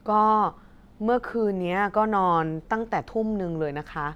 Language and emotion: Thai, neutral